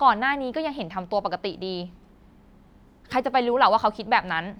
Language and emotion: Thai, sad